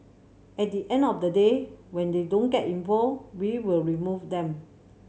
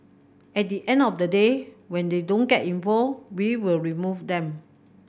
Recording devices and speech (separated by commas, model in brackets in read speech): mobile phone (Samsung C7100), boundary microphone (BM630), read sentence